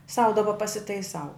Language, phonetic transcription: Lithuanian, sau daˈba pasitaiˈsau

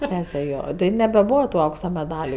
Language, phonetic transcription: Lithuanian, ˈsese ˈjo ˈtai nebeˈbūva tu ˈauksa meˈdaliu

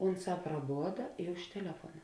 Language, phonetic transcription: Lithuanian, ˈunˌsā praˈboda i už teˈlefuona

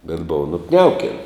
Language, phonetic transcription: Lithuanian, bet ˈbova nuˈkniauken

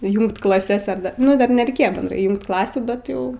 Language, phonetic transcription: Lithuanian, ˈjūngt klaˈses ar ˈda nu ˈdar nereiˈkėjo benˈdrai ˈjūngt ˈklasių ˈbet jau

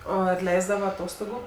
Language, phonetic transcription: Lithuanian, ˈo ar ˈleisdava aˈtostogu

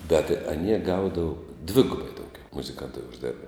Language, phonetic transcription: Lithuanian, bet aˈnie ˈgaudavu ˈdvigubai dauˈgiau muziˈkantai užˈdėrba

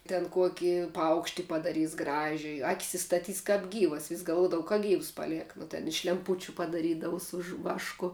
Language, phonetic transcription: Lithuanian, ten ˈkuoki ˈpaukšti padaˈrys ˈgražiuji ˈakis istaˈtys kap ˈgyvas vis' galˈvuodava ka ˈgyvs ˈpaˌliek nu ten iš lemˈpučiu padaˈrydavu su žv ˈvašku

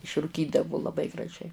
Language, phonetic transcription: Lithuanian, išruˈkydavu laˈbai graˈžiai

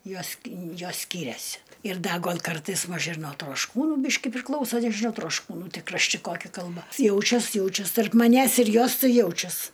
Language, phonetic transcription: Lithuanian, ˈjos ki ˈjos ˈskyriasi ir ˈda ˈgol' ˈkartais ˈmaž ir nuo trošˈkūnų ˈbyški priˈklausa nežiˈnau trošˈkūnų ˈti krašˈti ˈkoki kalˈba ˈjaučias ˈjaučias tarp maˈnęs ir ˈjos ˈtai ˈjaučias

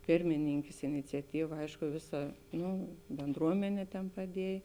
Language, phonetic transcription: Lithuanian, ˈpirmininkes iniciaˈtyva ˈaišku ˈviˌsa ˈnu benˈdruomenė ten paˈdiej

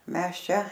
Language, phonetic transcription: Lithuanian, ˈmes ˈčia

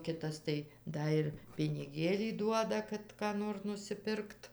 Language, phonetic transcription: Lithuanian, ˈkitas tai ˈda ir piniˈgėlį ˈduoda ˈkad ką ˈnor nusiˈpirkt

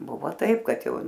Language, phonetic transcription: Lithuanian, ˈbuvo ˈtaip ˈkad ˈjau

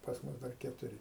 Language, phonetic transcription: Lithuanian, pas ˈmus dar ketuˈri

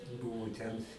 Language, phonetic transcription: Lithuanian, ˈbuvu ten

